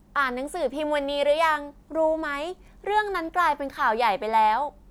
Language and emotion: Thai, neutral